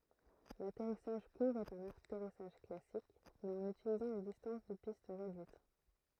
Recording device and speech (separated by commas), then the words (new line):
throat microphone, read sentence
L'atterrissage court est un atterrissage classique mais en utilisant une distance de piste réduite.